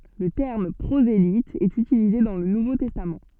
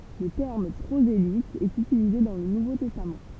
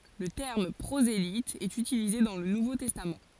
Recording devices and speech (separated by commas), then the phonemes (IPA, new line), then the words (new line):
soft in-ear microphone, temple vibration pickup, forehead accelerometer, read sentence
lə tɛʁm pʁozelit ɛt ytilize dɑ̃ lə nuvo tɛstam
Le terme prosélyte est utilisé dans le Nouveau Testament.